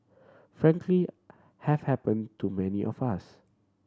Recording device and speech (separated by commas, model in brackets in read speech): standing microphone (AKG C214), read sentence